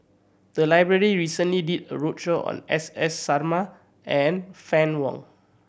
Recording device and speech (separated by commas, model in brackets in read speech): boundary microphone (BM630), read sentence